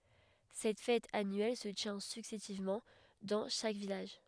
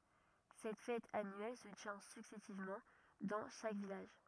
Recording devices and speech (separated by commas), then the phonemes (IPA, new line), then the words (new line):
headset microphone, rigid in-ear microphone, read sentence
sɛt fɛt anyɛl sə tjɛ̃ syksɛsivmɑ̃ dɑ̃ ʃak vilaʒ
Cette fête annuelle se tient successivement dans chaque village.